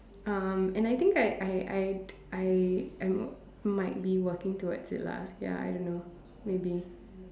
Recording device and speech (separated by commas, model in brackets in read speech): standing microphone, conversation in separate rooms